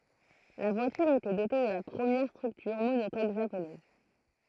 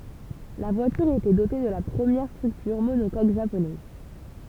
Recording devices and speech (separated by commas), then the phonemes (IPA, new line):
throat microphone, temple vibration pickup, read sentence
la vwatyʁ etɛ dote də la pʁəmjɛʁ stʁyktyʁ monokok ʒaponɛz